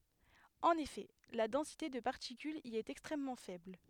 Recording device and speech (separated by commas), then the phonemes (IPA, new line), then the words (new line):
headset microphone, read sentence
ɑ̃n efɛ la dɑ̃site də paʁtikylz i ɛt ɛkstʁɛmmɑ̃ fɛbl
En effet, la densité de particules y est extrêmement faible.